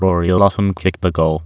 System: TTS, waveform concatenation